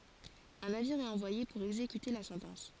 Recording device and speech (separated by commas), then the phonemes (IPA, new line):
forehead accelerometer, read sentence
œ̃ naviʁ ɛt ɑ̃vwaje puʁ ɛɡzekyte la sɑ̃tɑ̃s